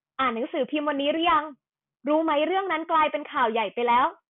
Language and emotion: Thai, happy